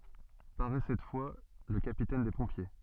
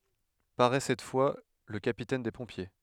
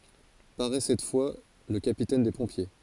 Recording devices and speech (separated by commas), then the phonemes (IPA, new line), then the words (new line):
soft in-ear microphone, headset microphone, forehead accelerometer, read sentence
paʁɛ sɛt fwa lə kapitɛn de pɔ̃pje
Paraît cette fois le capitaine des pompiers.